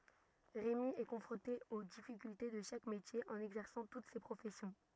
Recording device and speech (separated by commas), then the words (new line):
rigid in-ear microphone, read sentence
Rémi est confronté aux difficultés de chaque métier en exerçant toutes ces professions.